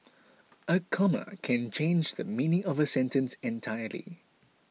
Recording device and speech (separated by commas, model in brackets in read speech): mobile phone (iPhone 6), read sentence